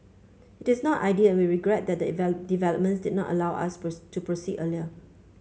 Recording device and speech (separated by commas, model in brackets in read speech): mobile phone (Samsung C5), read sentence